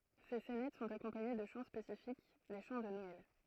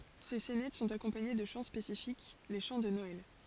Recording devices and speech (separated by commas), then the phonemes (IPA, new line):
throat microphone, forehead accelerometer, read sentence
se sɛnɛt sɔ̃t akɔ̃paɲe də ʃɑ̃ spesifik le ʃɑ̃ də nɔɛl